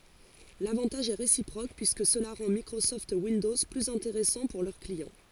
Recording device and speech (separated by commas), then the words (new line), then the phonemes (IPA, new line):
forehead accelerometer, read sentence
L’avantage est réciproque, puisque cela rend Microsoft Windows plus intéressant pour leurs clients.
lavɑ̃taʒ ɛ ʁesipʁok pyiskə səla ʁɑ̃ mikʁosɔft windɔz plyz ɛ̃teʁɛsɑ̃ puʁ lœʁ kliɑ̃